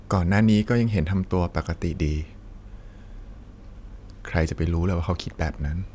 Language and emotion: Thai, sad